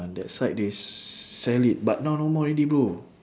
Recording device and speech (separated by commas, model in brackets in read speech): standing microphone, conversation in separate rooms